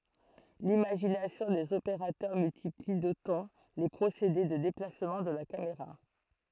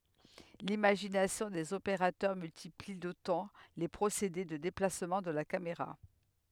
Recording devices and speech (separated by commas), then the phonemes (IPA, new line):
throat microphone, headset microphone, read sentence
limaʒinasjɔ̃ dez opeʁatœʁ myltipli dotɑ̃ le pʁosede də deplasmɑ̃ də la kameʁa